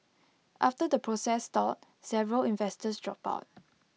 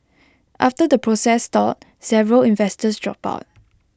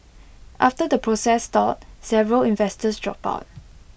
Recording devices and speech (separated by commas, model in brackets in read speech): mobile phone (iPhone 6), close-talking microphone (WH20), boundary microphone (BM630), read sentence